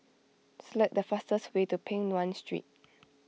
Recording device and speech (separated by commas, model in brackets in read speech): mobile phone (iPhone 6), read sentence